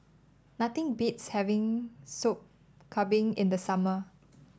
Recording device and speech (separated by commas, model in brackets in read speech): standing microphone (AKG C214), read sentence